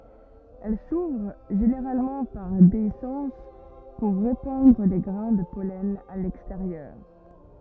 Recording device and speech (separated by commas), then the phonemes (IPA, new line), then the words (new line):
rigid in-ear microphone, read sentence
ɛl suvʁ ʒeneʁalmɑ̃ paʁ deisɑ̃s puʁ ʁepɑ̃dʁ le ɡʁɛ̃ də pɔlɛn a lɛksteʁjœʁ
Elles s'ouvrent, généralement par déhiscence, pour répandre les grains de pollen à l'extérieur.